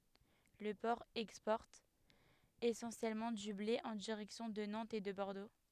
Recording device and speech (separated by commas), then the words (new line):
headset microphone, read sentence
Le port exporte essentiellement du blé en direction de Nantes et de Bordeaux.